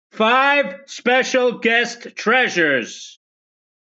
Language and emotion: English, angry